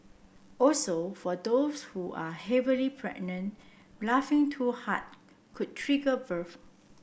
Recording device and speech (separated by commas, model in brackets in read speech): boundary microphone (BM630), read sentence